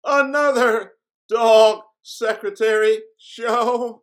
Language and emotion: English, fearful